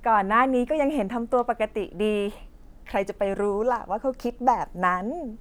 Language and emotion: Thai, happy